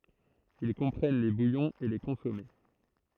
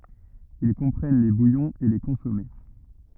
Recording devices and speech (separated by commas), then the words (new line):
throat microphone, rigid in-ear microphone, read sentence
Ils comprennent les bouillons et les consommés.